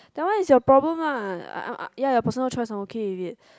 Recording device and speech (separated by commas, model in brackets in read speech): close-talking microphone, conversation in the same room